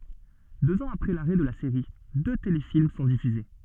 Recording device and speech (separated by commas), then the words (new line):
soft in-ear microphone, read sentence
Deux ans après l'arrêt de la série, deux téléfilms sont diffusés.